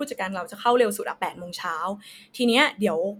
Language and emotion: Thai, neutral